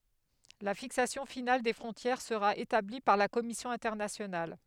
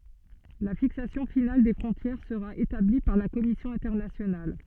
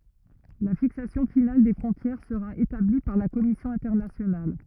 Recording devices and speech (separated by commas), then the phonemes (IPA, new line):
headset microphone, soft in-ear microphone, rigid in-ear microphone, read sentence
la fiksasjɔ̃ final de fʁɔ̃tjɛʁ səʁa etabli paʁ la kɔmisjɔ̃ ɛ̃tɛʁnasjonal